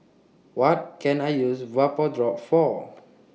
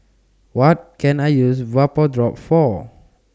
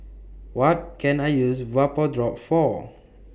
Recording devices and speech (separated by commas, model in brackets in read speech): mobile phone (iPhone 6), standing microphone (AKG C214), boundary microphone (BM630), read sentence